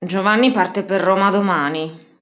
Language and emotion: Italian, angry